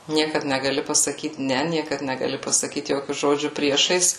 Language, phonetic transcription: Lithuanian, ˈniekad negaˈli pasaˈkyt ˈne ˈniekad negaˈli pasaˈkyt ˈjokiu ˈžodžiu ˈpriešais

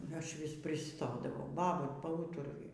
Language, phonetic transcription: Lithuanian, ˈaš ˈvis priˈstodavau ˈbaba paˈūturuju

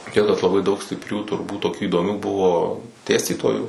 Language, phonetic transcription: Lithuanian, ˈtiek kad laˈbai daug stipˈrių turˈbūt toˈkių įdoˈmių ˈbuvo ˈdėstytojų

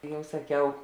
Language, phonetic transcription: Lithuanian, ˈjau saˈkiau

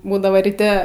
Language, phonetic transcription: Lithuanian, ˈbūdavo ryˈte

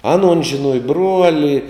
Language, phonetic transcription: Lithuanian, ˈaˌnuon žiˈnuoja ˈbruoli

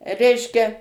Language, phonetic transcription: Lithuanian, ˈreiškia

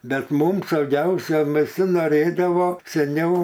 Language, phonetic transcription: Lithuanian, ˈbet ˈmum sauˈgiausia viˈsi noˈrėdavo seˈniau

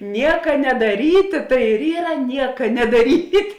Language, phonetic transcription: Lithuanian, ˈnieka nedaˈrytė tai ir ˈyra ˈnieka nedaˈryt'

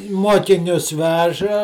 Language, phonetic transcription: Lithuanian, ˈmuokinius ˈveža

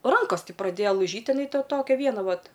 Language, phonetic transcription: Lithuanian, ˈrankos ˈti praˈdėja laiˈžyt' iˈnai ta ˈtokia ˈviena ˈvat

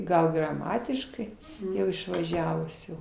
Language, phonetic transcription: Lithuanian, ˈgal graˈmatiškai ˈjau išvaˈžiavus jau

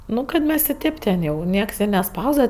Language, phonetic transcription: Lithuanian, ˈnu kad ˈmes i ˈtėp ten ˈjau ˈnieks i neˈspausdava

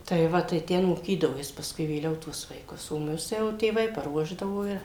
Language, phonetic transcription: Lithuanian, tai ˈva tai ˈten moˈkydavo ˈjis pasˈkui vėˈliau tuos vaiˈkus o ˈmus jau tėˈvai paˈruošdavo i

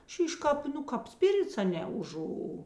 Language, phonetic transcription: Lithuanian, ˈšyš ˈkāp ˈnu ˈkāp ˈspirits aˈne uˈžu

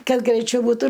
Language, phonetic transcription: Lithuanian, ˈkad greiˈčiau būˈtų

